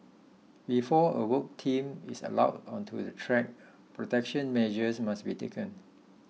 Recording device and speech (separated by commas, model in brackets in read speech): mobile phone (iPhone 6), read sentence